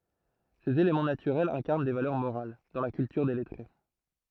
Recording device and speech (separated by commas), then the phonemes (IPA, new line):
throat microphone, read sentence
sez elemɑ̃ natyʁɛlz ɛ̃kaʁn de valœʁ moʁal dɑ̃ la kyltyʁ de lɛtʁe